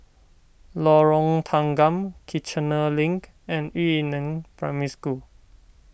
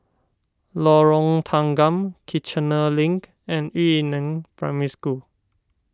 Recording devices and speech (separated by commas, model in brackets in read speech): boundary microphone (BM630), standing microphone (AKG C214), read sentence